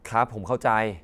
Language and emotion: Thai, frustrated